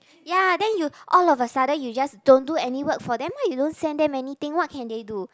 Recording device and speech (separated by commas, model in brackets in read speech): close-talking microphone, conversation in the same room